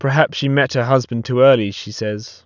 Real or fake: real